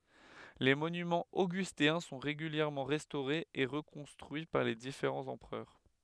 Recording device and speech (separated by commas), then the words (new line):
headset microphone, read sentence
Les monuments augustéens sont régulièrement restaurés et reconstruits par les différents empereurs.